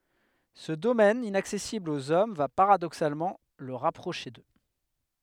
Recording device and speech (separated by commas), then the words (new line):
headset microphone, read sentence
Ce domaine inaccessible aux hommes va paradoxalement le rapprocher d’eux.